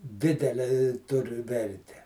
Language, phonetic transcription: Lithuanian, ˈdidele i ˈtur ˈverte

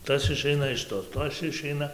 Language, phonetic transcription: Lithuanian, ˈtas iˈšeina iš ˈto ˈtas iˈšeina

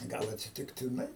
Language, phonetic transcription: Lithuanian, ˈgal atsitiktiˈnai

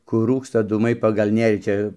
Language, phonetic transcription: Lithuanian, ˈkur ˈrūksta ˈdūmai pagal ˈnėrį ˈčia

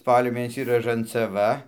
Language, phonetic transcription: Lithuanian, ˈspalio ˈmėnesį ražancaˈva

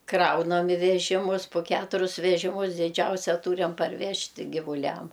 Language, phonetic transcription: Lithuanian, ˈkraunam i veˈžimus pu ˈketurius veˈžimus diˈdžiausia ˈtūriam parˈvežti givuˈliam

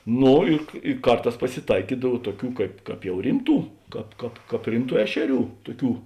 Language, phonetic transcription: Lithuanian, ˈno i i ˈkarˌtās pasiˈtaikydav ˈtuoˌkių ˈkaip ˈkāp jau ˈrimˌtų ˈkāp ˈkāp ˈkāp ˈrimˌtų ˈešeˌrių ˈtuˌkių

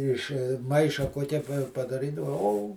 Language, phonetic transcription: Lithuanian, iš ˈmaiša kuoˈkia padaˈrydavo o

